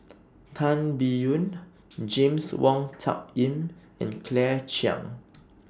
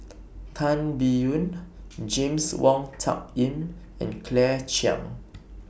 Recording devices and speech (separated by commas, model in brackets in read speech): standing microphone (AKG C214), boundary microphone (BM630), read sentence